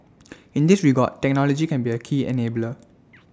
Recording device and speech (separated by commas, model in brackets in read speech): standing microphone (AKG C214), read sentence